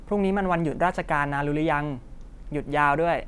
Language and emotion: Thai, neutral